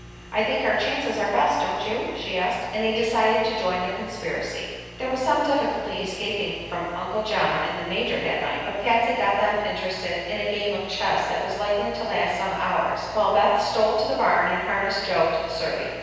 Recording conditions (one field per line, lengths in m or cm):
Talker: one person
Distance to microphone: 7.1 m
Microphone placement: far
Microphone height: 1.7 m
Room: very reverberant, large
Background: none